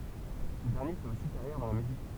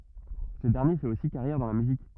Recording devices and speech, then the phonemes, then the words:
temple vibration pickup, rigid in-ear microphone, read sentence
sə dɛʁnje fɛt osi kaʁjɛʁ dɑ̃ la myzik
Ce dernier fait aussi carrière dans la musique.

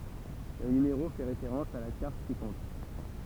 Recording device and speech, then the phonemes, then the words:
temple vibration pickup, read sentence
lə nymeʁo fɛ ʁefeʁɑ̃s a la kaʁt sikɔ̃tʁ
Le numéro fait référence à la carte ci-contre.

